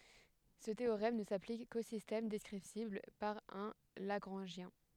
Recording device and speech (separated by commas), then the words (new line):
headset microphone, read sentence
Ce théorème ne s'applique qu'aux systèmes descriptibles par un lagrangien.